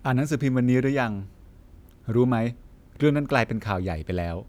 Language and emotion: Thai, neutral